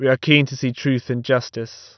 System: none